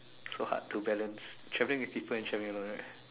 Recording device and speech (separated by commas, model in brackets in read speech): telephone, conversation in separate rooms